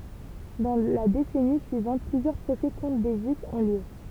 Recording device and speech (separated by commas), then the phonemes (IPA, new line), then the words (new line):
temple vibration pickup, read sentence
dɑ̃ la desɛni syivɑ̃t plyzjœʁ pʁosɛ kɔ̃tʁ de ʒyifz ɔ̃ ljø
Dans la décennie suivante, plusieurs procès contre des Juifs ont lieu.